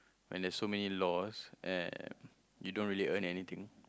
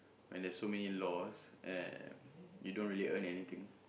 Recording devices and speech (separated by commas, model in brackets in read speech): close-talking microphone, boundary microphone, conversation in the same room